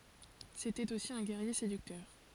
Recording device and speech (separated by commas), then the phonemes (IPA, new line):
forehead accelerometer, read sentence
setɛt osi œ̃ ɡɛʁje sedyktœʁ